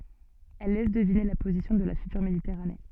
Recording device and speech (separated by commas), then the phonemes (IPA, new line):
soft in-ear microphone, read sentence
ɛl lɛs dəvine la pozisjɔ̃ də la fytyʁ meditɛʁane